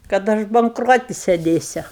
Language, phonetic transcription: Lithuanian, kad ˈaš bankˈroti seˈdėsiu

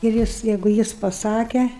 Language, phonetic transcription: Lithuanian, ir ˈjis ˈjeigu ˈjis paˈsake

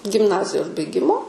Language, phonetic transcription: Lithuanian, gimˈnazijos baiˈgimo

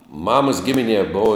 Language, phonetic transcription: Lithuanian, ˈmamas ˈgiminie ˈbov

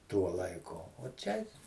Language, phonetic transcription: Lithuanian, ˈtuo laiˈku o ˈčia

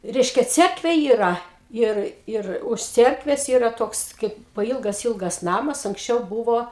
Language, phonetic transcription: Lithuanian, ˈreiškia ˈcerkvė yˈra ˈir ˈir už ˈcierkves ˈyra ˈtoks kaip paˈylgas ˈylgas ˈnamas anksˈčiau ˈbūvo

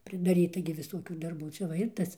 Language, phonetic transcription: Lithuanian, pridaˈryta gi viˈsuokių darˈbų ˈčia va ˈir ˈtas

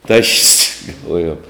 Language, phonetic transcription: Lithuanian, taš's' galˈvojom

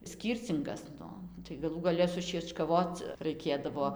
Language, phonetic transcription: Lithuanian, ˈskyrcingas ˈnu tai gaˈlų gaˈle sušiečkaˈvoc raiˈkėdavo

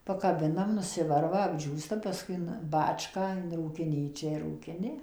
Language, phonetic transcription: Lithuanian, pakaˈbinam nuˈsivarva apˈdžiūsta paˈskui in ˈbačką in rūkiˈnyčią ir rūkiˈni

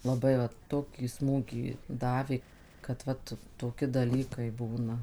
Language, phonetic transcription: Lithuanian, laˈbai vat ˈtokį ˈsmūgį ˈdavė kad ˈvat toˈki daˈlykai ˈbūna

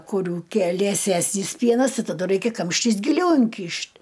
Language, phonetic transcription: Lithuanian, kuˈrių ˈkie lieˈsesnys ˈpienas ˈtai taˈdu ˈraikia ˈkamštis giˈliau inˈkyšt'

